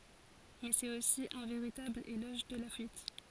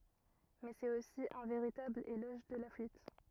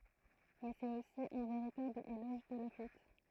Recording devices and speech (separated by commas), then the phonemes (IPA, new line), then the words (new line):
forehead accelerometer, rigid in-ear microphone, throat microphone, read sentence
mɛ sɛt osi œ̃ veʁitabl elɔʒ də la fyit
Mais c'est aussi un véritable éloge de la fuite.